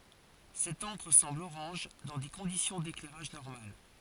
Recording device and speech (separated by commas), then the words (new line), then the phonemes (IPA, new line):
forehead accelerometer, read sentence
Cette encre semble orange dans des conditions d'éclairage normales.
sɛt ɑ̃kʁ sɑ̃bl oʁɑ̃ʒ dɑ̃ de kɔ̃disjɔ̃ deklɛʁaʒ nɔʁmal